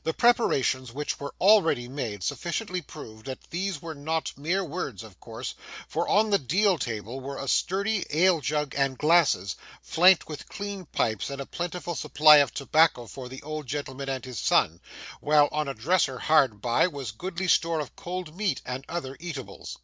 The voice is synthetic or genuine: genuine